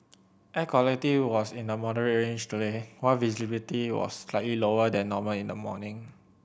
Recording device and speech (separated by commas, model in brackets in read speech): boundary microphone (BM630), read sentence